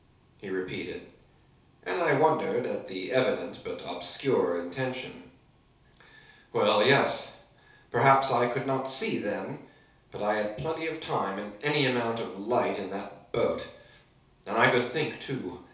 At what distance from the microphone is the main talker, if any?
3.0 m.